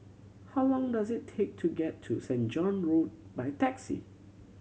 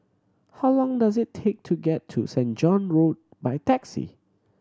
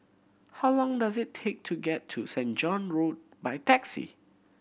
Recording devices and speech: mobile phone (Samsung C7100), standing microphone (AKG C214), boundary microphone (BM630), read sentence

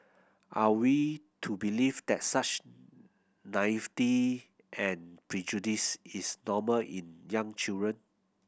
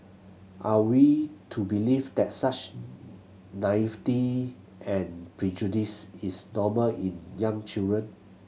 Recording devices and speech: boundary microphone (BM630), mobile phone (Samsung C7100), read sentence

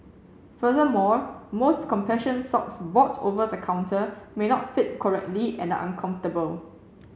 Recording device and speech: mobile phone (Samsung C7), read sentence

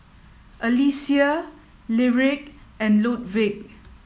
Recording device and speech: mobile phone (iPhone 7), read sentence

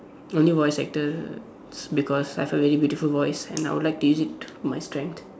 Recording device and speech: standing microphone, conversation in separate rooms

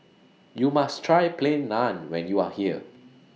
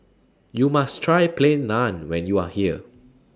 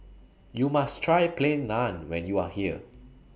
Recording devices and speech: mobile phone (iPhone 6), standing microphone (AKG C214), boundary microphone (BM630), read sentence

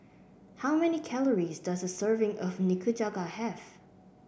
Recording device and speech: boundary microphone (BM630), read sentence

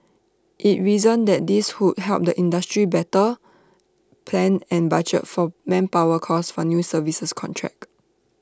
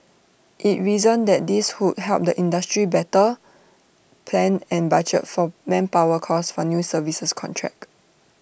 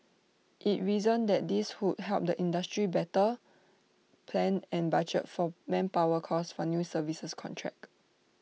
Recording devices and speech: standing microphone (AKG C214), boundary microphone (BM630), mobile phone (iPhone 6), read sentence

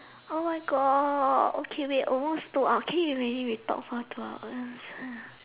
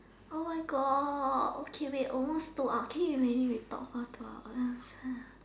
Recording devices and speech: telephone, standing microphone, conversation in separate rooms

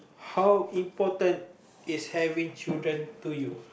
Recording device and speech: boundary microphone, conversation in the same room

